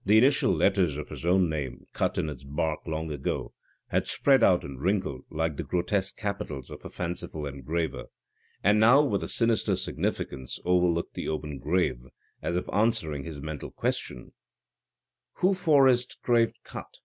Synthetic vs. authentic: authentic